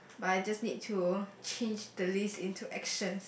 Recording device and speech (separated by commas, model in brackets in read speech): boundary microphone, conversation in the same room